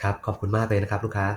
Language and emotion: Thai, neutral